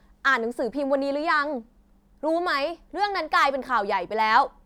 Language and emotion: Thai, angry